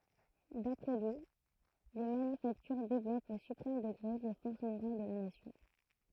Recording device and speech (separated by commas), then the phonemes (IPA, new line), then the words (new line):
throat microphone, read sentence
dapʁɛ lyi le manyfaktyʁ devlɔpt o sypʁɛm dəɡʁe le fɔʁs moʁal də la nasjɔ̃
D'après lui, les manufactures développent au suprême degré les forces morales de la nation.